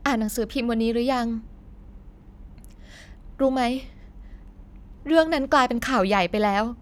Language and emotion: Thai, sad